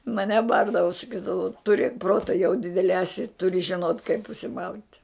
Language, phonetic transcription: Lithuanian, maˈne ˈbardavu saˈkydavu tuˈrėk ˈprota jau ˈdidele eˈsi turi žiˈnot kaip užsiˈmaut'

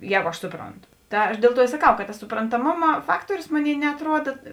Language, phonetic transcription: Lithuanian, ˈjēgu aš ˈsupronˌtu ˈta aš ˈdėl ˌtuo i saˈkau kad tas suprantaˈmoma ˈfaktuorius ˈmoˌnėi neatˈruoda

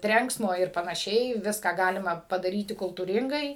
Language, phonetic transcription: Lithuanian, ˈtrenksmo ir panaˈšiai ˈviską ˈgalima padaˈryti kultūˈringai

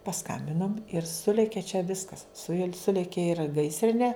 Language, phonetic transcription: Lithuanian, pasˈkambinom ir ˈsulėkė čia ˈviskas su juo ˈsulėkė ir ˈgaisrinė

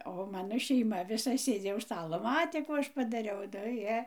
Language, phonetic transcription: Lithuanian, o ˈmano šeiˈma viˈsa ˈsėdzi už ˈstalo ˈmatė ˈkų ˈaš padaˈriau nu ˈjie

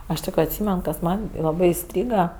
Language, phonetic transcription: Lithuanian, ˈaš tik atˈsymen kas ˈman' laˈbɜ iˈstryga

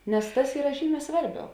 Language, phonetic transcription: Lithuanian, nes ˈtas ˈyra ˈžyˌmē ˈsvarˌbiau

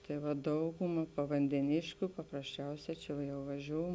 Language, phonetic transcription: Lithuanian, ˈtai va ˈdauguma pavandeˈnėškiu paprasˈčiausē čia jau vaˈžiou

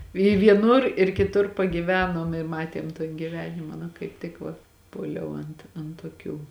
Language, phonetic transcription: Lithuanian, i vieˈnur ir kiˈtur pagyˈvenom i ˈmatiem ton giˈvenima na kaip ˈtik va ˈpuoliau ant an toˈkių

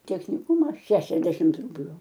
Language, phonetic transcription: Lithuanian, techniˈkuma ˈšešiasdešimt ˈrubliu

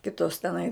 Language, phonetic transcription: Lithuanian, ˈkitos teˈnai

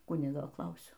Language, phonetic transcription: Lithuanian, ˈkunigo ˈklausiau

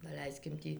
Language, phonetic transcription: Lithuanian, daˈleiskim ˈtį

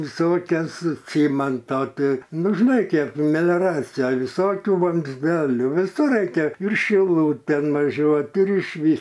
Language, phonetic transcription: Lithuanian, viˈsokias ˈcėmanto ˈtai ˈnu žiˈnai ˈkėp melioˈracija viˈsokių vamzˈdelių viˈsur ˈraikia ir šiˈlūtėn vaˈžiuot ir iš ˈvys

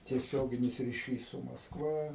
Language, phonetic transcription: Lithuanian, tieˈsioginis riˈšys su maskˈva

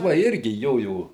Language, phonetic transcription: Lithuanian, va ˈirgi ˈjojo

